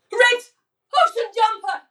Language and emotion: English, fearful